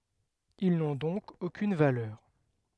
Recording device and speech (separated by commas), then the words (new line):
headset microphone, read sentence
Ils n'ont donc aucune valeur.